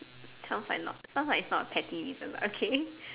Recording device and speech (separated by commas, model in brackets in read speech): telephone, conversation in separate rooms